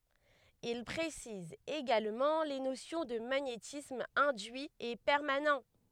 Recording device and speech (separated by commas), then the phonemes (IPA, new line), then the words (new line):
headset microphone, read sentence
il pʁesiz eɡalmɑ̃ le nosjɔ̃ də maɲetism ɛ̃dyi e pɛʁmanɑ̃
Il précise également les notions de magnétisme induit et permanent.